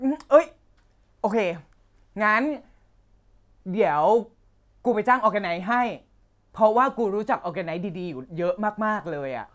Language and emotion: Thai, happy